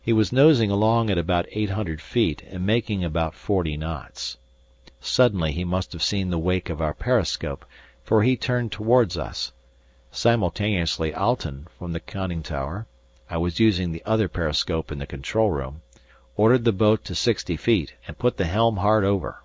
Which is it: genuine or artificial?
genuine